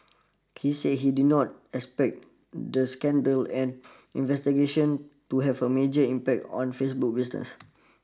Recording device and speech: standing microphone (AKG C214), read sentence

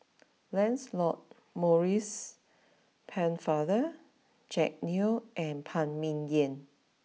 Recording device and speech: mobile phone (iPhone 6), read sentence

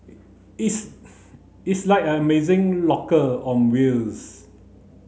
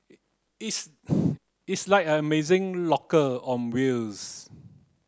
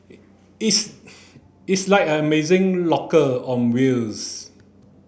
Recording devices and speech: mobile phone (Samsung C9), close-talking microphone (WH30), boundary microphone (BM630), read sentence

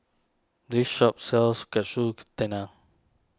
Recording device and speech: standing microphone (AKG C214), read sentence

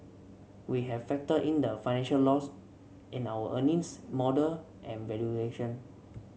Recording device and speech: mobile phone (Samsung C7), read sentence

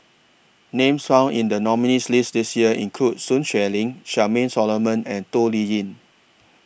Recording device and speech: boundary microphone (BM630), read sentence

